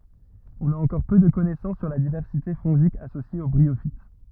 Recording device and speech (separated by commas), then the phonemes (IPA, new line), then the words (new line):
rigid in-ear microphone, read sentence
ɔ̃n a ɑ̃kɔʁ pø də kɔnɛsɑ̃s syʁ la divɛʁsite fɔ̃ʒik asosje o bʁiofit
On a encore peu de connaissances sur la diversité fongique associée aux bryophytes.